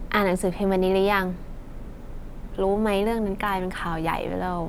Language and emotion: Thai, frustrated